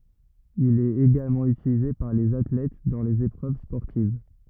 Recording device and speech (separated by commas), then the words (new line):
rigid in-ear microphone, read sentence
Il est également utilisé par les athlètes dans les épreuves sportives.